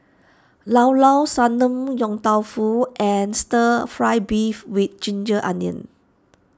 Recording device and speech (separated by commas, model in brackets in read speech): standing microphone (AKG C214), read sentence